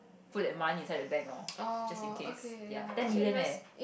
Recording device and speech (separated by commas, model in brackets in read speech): boundary microphone, conversation in the same room